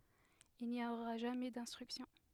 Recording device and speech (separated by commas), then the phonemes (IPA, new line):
headset microphone, read sentence
il ni oʁa ʒamɛ dɛ̃stʁyksjɔ̃